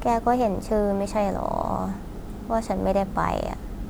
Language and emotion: Thai, sad